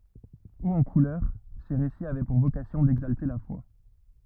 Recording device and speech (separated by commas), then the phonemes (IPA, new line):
rigid in-ear microphone, read sentence
oz ɑ̃ kulœʁ se ʁesiz avɛ puʁ vokasjɔ̃ dɛɡzalte la fwa